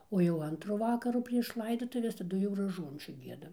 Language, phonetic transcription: Lithuanian, o jau ˈantru ˈvakaru prieš ˈlaidotuves taˈdu jau raˈžuončių ˈgiedam

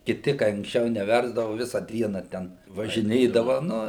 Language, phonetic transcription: Lithuanian, kiˈti kai anksˈčiau neˈversdavu ˈvisa ˈdiena ˈten važiˈnėdava ˈnu

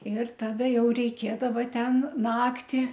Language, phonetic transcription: Lithuanian, ir ˈtada ˈjau reiˈkėdava ˈten ˈnaktį

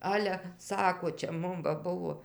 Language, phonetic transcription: Lithuanian, ˈale ˈsako čia ˈmum va ˈbuvo

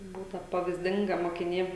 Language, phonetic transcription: Lithuanian, ˈbūta pavyzˈdinga mokiˈnė

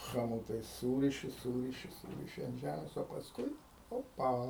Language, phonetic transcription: Lithuanian, ˈchamotais ˈsūriši ˈsūriši ˈsūriši ant ˈžæmės o pasˈkui ˈopa

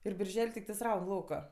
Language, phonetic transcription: Lithuanian, ir birˈžel' tikˈtais ˈraun ˈlauka

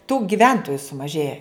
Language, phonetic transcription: Lithuanian, tų giˈventoju sumaˈžėja

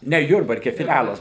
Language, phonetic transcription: Lithuanian, ˈne ˈjurbarke fiˈlælas

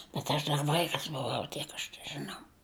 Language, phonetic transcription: Lithuanian, bet aš ˈdar ˈvaikas buˈvau ˈtiek aš težɨˈnau

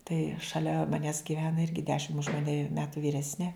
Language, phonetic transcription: Lithuanian, tai šaˈlia maˈnęs gyˈvena ˈirgi ˈdešim už maˈne ˈmetu vyˈresne

